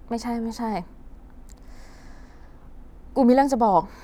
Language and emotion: Thai, frustrated